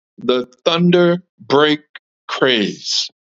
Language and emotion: English, neutral